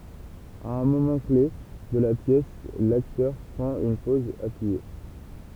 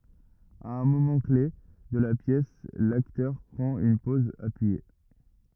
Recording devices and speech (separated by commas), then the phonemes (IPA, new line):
temple vibration pickup, rigid in-ear microphone, read sentence
a œ̃ momɑ̃ kle də la pjɛs laktœʁ pʁɑ̃t yn pɔz apyije